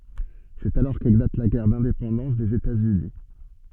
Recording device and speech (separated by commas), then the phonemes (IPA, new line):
soft in-ear microphone, read sentence
sɛt alɔʁ keklat la ɡɛʁ dɛ̃depɑ̃dɑ̃s dez etatsyni